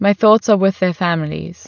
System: none